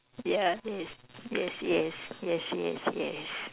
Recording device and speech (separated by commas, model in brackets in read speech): telephone, conversation in separate rooms